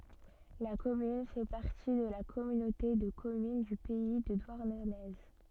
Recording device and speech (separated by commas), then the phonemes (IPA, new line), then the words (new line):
soft in-ear microphone, read sentence
la kɔmyn fɛ paʁti də la kɔmynote də kɔmyn dy pɛi də dwaʁnəne
La commune fait partie de la Communauté de communes du Pays de Douarnenez.